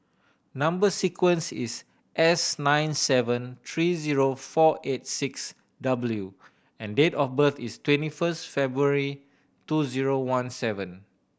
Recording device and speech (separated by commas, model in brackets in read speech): boundary microphone (BM630), read sentence